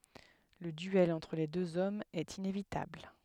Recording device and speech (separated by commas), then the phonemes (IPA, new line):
headset microphone, read sentence
lə dyɛl ɑ̃tʁ le døz ɔmz ɛt inevitabl